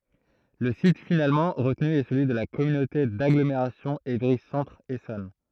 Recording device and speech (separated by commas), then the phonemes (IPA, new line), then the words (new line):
throat microphone, read sentence
lə sit finalmɑ̃ ʁətny ɛ səlyi də la kɔmynote daɡlomeʁasjɔ̃ evʁi sɑ̃tʁ esɔn
Le site finalement retenu est celui de la communauté d'agglomération Évry Centre Essonne.